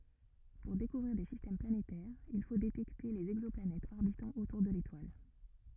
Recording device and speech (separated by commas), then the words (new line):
rigid in-ear microphone, read sentence
Pour découvrir des systèmes planétaires, il faut détecter les exoplanètes orbitant autour de l'étoile.